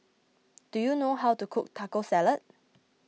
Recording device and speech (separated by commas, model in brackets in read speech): mobile phone (iPhone 6), read sentence